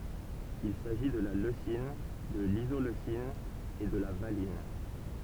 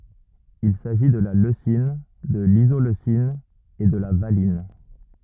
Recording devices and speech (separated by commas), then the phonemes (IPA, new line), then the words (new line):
temple vibration pickup, rigid in-ear microphone, read sentence
il saʒi də la løsin də lizoløsin e də la valin
Il s'agit de la leucine, de l'isoleucine et de la valine.